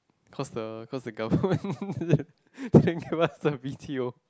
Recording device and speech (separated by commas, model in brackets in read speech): close-talking microphone, conversation in the same room